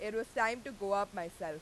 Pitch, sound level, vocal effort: 205 Hz, 95 dB SPL, very loud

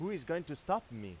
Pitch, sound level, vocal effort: 145 Hz, 95 dB SPL, loud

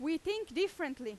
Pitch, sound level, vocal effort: 320 Hz, 95 dB SPL, very loud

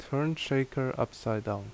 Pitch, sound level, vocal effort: 130 Hz, 76 dB SPL, normal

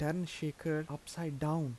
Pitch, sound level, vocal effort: 155 Hz, 81 dB SPL, soft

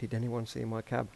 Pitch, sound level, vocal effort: 115 Hz, 81 dB SPL, soft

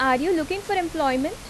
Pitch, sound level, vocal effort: 325 Hz, 86 dB SPL, normal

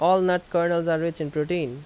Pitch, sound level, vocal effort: 170 Hz, 88 dB SPL, loud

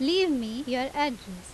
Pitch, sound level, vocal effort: 260 Hz, 87 dB SPL, loud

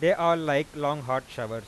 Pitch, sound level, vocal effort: 145 Hz, 97 dB SPL, loud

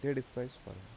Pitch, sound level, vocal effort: 125 Hz, 80 dB SPL, soft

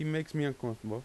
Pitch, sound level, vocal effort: 140 Hz, 86 dB SPL, normal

